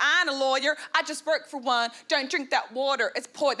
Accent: Bad southern accent